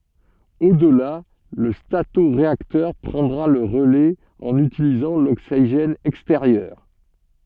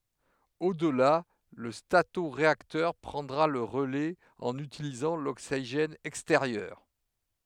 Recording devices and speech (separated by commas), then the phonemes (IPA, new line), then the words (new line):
soft in-ear microphone, headset microphone, read sentence
odla lə statoʁeaktœʁ pʁɑ̃dʁa lə ʁəlɛz ɑ̃n ytilizɑ̃ loksiʒɛn ɛksteʁjœʁ
Au-delà, le statoréacteur prendra le relais en utilisant l'oxygène extérieur.